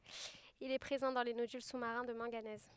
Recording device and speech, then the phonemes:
headset microphone, read sentence
il ɛ pʁezɑ̃ dɑ̃ le nodyl su maʁɛ̃ də mɑ̃ɡanɛz

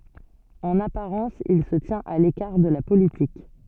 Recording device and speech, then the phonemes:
soft in-ear microphone, read sentence
ɑ̃n apaʁɑ̃s il sə tjɛ̃t a lekaʁ də la politik

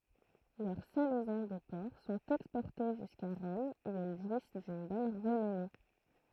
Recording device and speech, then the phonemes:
throat microphone, read sentence
lœʁ salɛzɔ̃ də pɔʁk sɔ̃t ɛkspɔʁte ʒyska ʁɔm u ɛl ʒwis dyn bɔn ʁənɔme

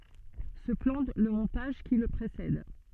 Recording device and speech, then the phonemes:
soft in-ear microphone, read sentence
sə plɑ̃ lə mɔ̃taʒ ki lə pʁesɛd

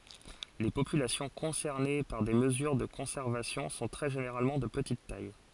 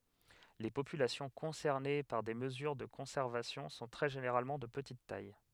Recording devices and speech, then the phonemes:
forehead accelerometer, headset microphone, read sentence
le popylasjɔ̃ kɔ̃sɛʁne paʁ de məzyʁ də kɔ̃sɛʁvasjɔ̃ sɔ̃ tʁɛ ʒeneʁalmɑ̃ də pətit taj

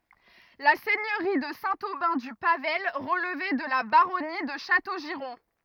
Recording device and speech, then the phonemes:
rigid in-ear microphone, read sentence
la sɛɲøʁi də sɛ̃ obɛ̃ dy pavaj ʁəlvɛ də la baʁɔni də ʃatoʒiʁɔ̃

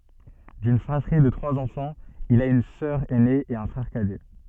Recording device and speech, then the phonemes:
soft in-ear microphone, read sentence
dyn fʁatʁi də tʁwaz ɑ̃fɑ̃z il a yn sœʁ ɛne e œ̃ fʁɛʁ kadɛ

